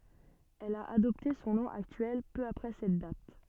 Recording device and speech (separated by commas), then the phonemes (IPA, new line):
soft in-ear microphone, read sentence
ɛl a adɔpte sɔ̃ nɔ̃ aktyɛl pø apʁɛ sɛt dat